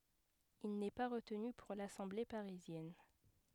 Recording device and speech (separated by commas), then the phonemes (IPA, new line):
headset microphone, read sentence
il nɛ pa ʁətny puʁ lasɑ̃ble paʁizjɛn